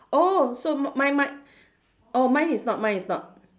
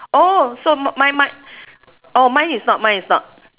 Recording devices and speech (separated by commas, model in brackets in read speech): standing microphone, telephone, conversation in separate rooms